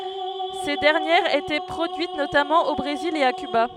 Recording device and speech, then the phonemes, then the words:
headset microphone, read sentence
se dɛʁnjɛʁz etɛ pʁodyit notamɑ̃ o bʁezil e a kyba
Ces dernières étaient produites notamment au Brésil et à Cuba.

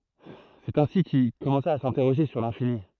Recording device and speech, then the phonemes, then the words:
throat microphone, read sentence
sɛt ɛ̃si kil kɔmɑ̃sa a sɛ̃tɛʁoʒe syʁ lɛ̃fini
C'est ainsi qu'il commença à s'interroger sur l'infini.

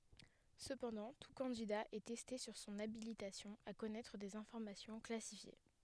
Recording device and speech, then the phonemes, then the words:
headset microphone, read sentence
səpɑ̃dɑ̃ tu kɑ̃dida ɛ tɛste syʁ sɔ̃n abilitasjɔ̃ a kɔnɛtʁ dez ɛ̃fɔʁmasjɔ̃ klasifje
Cependant, tout candidat est testé sur son habilitation à connaître des informations classifiées.

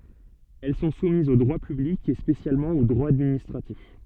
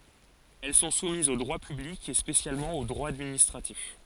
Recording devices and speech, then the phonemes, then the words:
soft in-ear microphone, forehead accelerometer, read sentence
ɛl sɔ̃ sumizz o dʁwa pyblik e spesjalmɑ̃ o dʁwa administʁatif
Elles sont soumises au droit public et spécialement au droit administratif.

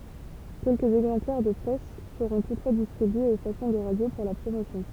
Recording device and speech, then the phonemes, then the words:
temple vibration pickup, read sentence
kɛlkəz ɛɡzɑ̃plɛʁ də pʁɛs səʁɔ̃ tutfwa distʁibyez o stasjɔ̃ də ʁadjo puʁ la pʁomosjɔ̃
Quelques exemplaires de presse seront toutefois distribués aux stations de radio pour la promotion.

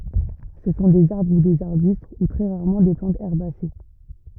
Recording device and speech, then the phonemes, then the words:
rigid in-ear microphone, read sentence
sə sɔ̃ dez aʁbʁ u dez aʁbyst u tʁɛ ʁaʁmɑ̃ de plɑ̃tz ɛʁbase
Ce sont des arbres ou des arbustes, ou très rarement des plantes herbacées.

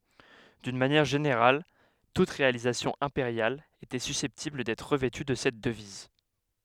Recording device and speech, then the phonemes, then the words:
headset microphone, read sentence
dyn manjɛʁ ʒeneʁal tut ʁealizasjɔ̃ ɛ̃peʁjal etɛ sysɛptibl dɛtʁ ʁəvɛty də sɛt dəviz
D'une manière générale, toute réalisation impériale était susceptible d'être revêtue de cette devise.

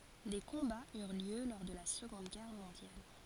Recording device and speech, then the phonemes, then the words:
forehead accelerometer, read sentence
de kɔ̃baz yʁ ljø lɔʁ də la səɡɔ̃d ɡɛʁ mɔ̃djal
Des combats eurent lieu lors de la Seconde Guerre mondiale.

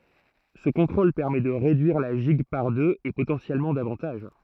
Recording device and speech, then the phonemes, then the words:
throat microphone, read sentence
sə kɔ̃tʁol pɛʁmɛ də ʁedyiʁ la ʒiɡ paʁ døz e potɑ̃sjɛlmɑ̃ davɑ̃taʒ
Ce contrôle permet de réduire la gigue par deux, et potentiellement davantage.

